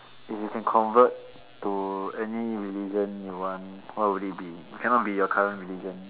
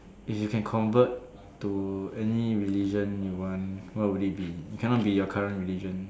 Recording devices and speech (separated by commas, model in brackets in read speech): telephone, standing microphone, conversation in separate rooms